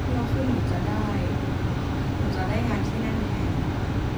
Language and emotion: Thai, frustrated